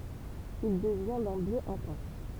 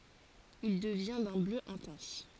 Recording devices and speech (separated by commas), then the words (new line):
temple vibration pickup, forehead accelerometer, read sentence
Il devient d'un bleu intense.